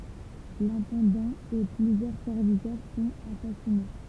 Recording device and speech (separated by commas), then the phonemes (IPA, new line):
temple vibration pickup, read sentence
lɛ̃tɑ̃dɑ̃ e plyzjœʁ sɛʁvitœʁ sɔ̃t asasine